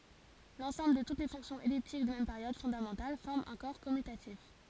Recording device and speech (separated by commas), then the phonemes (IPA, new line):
forehead accelerometer, read sentence
lɑ̃sɑ̃bl də tut le fɔ̃ksjɔ̃z ɛliptik də mɛm peʁjod fɔ̃damɑ̃tal fɔʁm œ̃ kɔʁ kɔmytatif